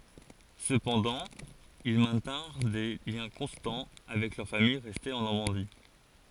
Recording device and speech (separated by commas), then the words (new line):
forehead accelerometer, read sentence
Cependant, ils maintinrent des liens constants avec leur famille restée en Normandie.